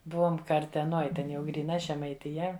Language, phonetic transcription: Lithuanian, ˈbuvom karteˈnoj ˈten jau gryˈna žemaitiˈja

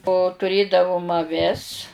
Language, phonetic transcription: Lithuanian, o tuˈrėdavom aˈvis

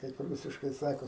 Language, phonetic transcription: Lithuanian, kaip ˈrūsiškai ˈsako

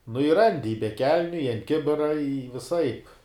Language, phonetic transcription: Lithuanian, nu i ˈrandi i be ˈkelniu i ant ˈkibira i viˈsaip

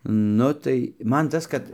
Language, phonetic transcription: Lithuanian, ˈnu tai ˈman ˈtas kad

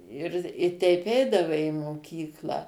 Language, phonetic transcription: Lithuanian, ir i ˈteip ˈeidavai i moˈkyklą

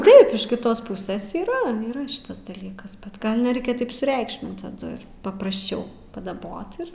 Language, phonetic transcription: Lithuanian, ˈtaip iš kiˈtos ˈpusės yˈra yˈra ˈšitas daˈlykas bet ˈgal neˈreikia taip suˈreikšmint taˈdu ir paprasˈčiau padaˈbot ir

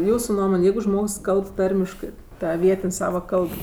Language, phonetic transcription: Lithuanian, ˈjūsu ˈnuomon' ˈjeigu ˈžmogs ˈkalb ˈtarmiškɜ ˈta ˈvietin' ˈsava ˈkalb

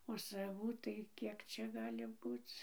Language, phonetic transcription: Lithuanian, o saˈvų tai ˈkiek ˈčia ˈgali ˈbūc

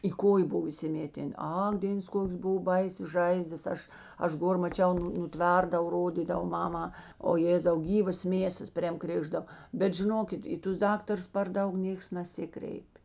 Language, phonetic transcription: Lithuanian, į ˈkojė ˈbuv įsiˈmėten ˈak ˈdėns ˈkokės ˈbuv ˈbaisės ˈžaizdas ˈaš ˈaš ˈgor maˈčiau ˈnu nuˈtverdav ˈrodydav ˈmamā o ˈjėzau ˈgyvas ˈmėsas prėm ˈkrėždav ˈbet žiˈnokit ˈį tus ˈdaktarus par ˈdaug ˈnėks naˈsikreip'

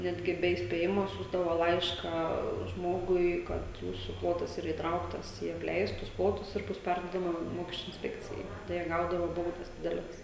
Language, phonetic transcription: Lithuanian, ˈnetgi ˈbe įspėˈjimo ˈsiųsdavo ˈlaišką ˈžmogui ˈkad ˈjūsu ˈplotas yˈra įtˈrauktas į apˈleistus ˈplotus ir ˈbus ˈperduodama ˈmokesčiu insˈpekcijai ˈtai jie ˈgaudava ˈbaudas ˈdideles

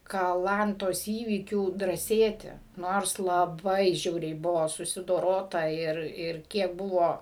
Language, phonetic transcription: Lithuanian, kaˈlantos įˈvykių drąˈsėti ˈnors laˈbai ˈžiauriai ˈbuvo susidoˈrota ˈir ˈir ˈkiek ˈbuvo

